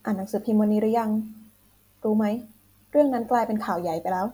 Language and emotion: Thai, neutral